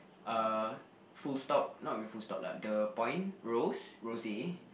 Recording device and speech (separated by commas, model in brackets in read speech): boundary microphone, conversation in the same room